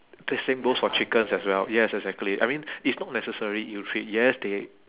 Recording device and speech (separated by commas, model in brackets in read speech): telephone, conversation in separate rooms